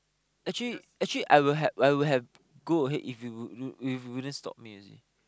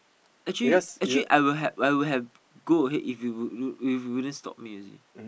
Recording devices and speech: close-talking microphone, boundary microphone, conversation in the same room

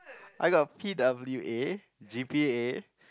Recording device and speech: close-talking microphone, conversation in the same room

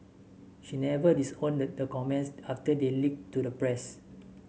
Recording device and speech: mobile phone (Samsung S8), read sentence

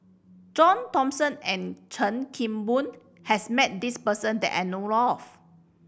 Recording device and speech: boundary microphone (BM630), read sentence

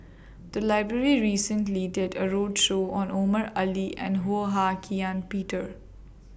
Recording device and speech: boundary microphone (BM630), read sentence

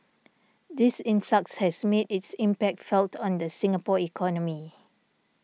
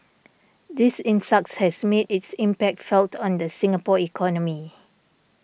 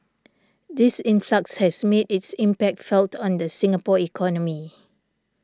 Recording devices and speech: mobile phone (iPhone 6), boundary microphone (BM630), standing microphone (AKG C214), read sentence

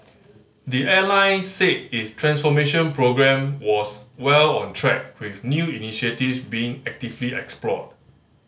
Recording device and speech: mobile phone (Samsung C5010), read sentence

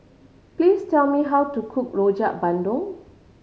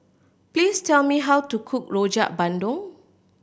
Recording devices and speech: mobile phone (Samsung C5010), boundary microphone (BM630), read sentence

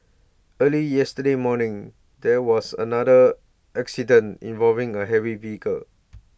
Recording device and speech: boundary microphone (BM630), read sentence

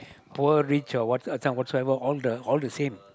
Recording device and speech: close-talking microphone, conversation in the same room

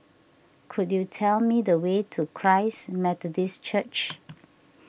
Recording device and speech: boundary microphone (BM630), read sentence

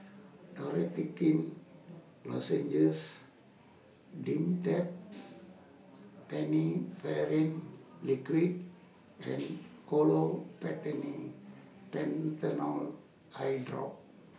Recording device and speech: mobile phone (iPhone 6), read sentence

